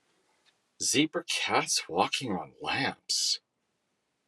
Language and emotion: English, disgusted